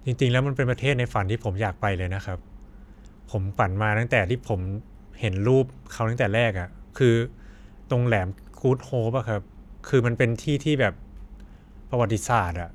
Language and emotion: Thai, neutral